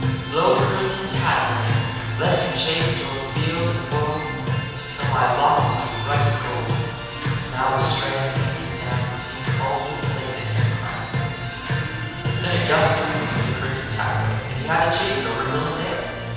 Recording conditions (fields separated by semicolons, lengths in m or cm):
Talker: one person; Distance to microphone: 7.1 m; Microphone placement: far; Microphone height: 1.7 m; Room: very reverberant, large; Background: music